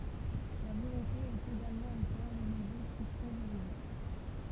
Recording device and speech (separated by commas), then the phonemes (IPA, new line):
temple vibration pickup, read sentence
la volɔ̃te ɛt eɡalmɑ̃ o kœʁ də nɔ̃bʁøz kɛstjɔ̃ ʒyʁidik